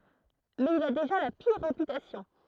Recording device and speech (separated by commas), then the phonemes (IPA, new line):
throat microphone, read sentence
mɛz il a deʒa la piʁ ʁepytasjɔ̃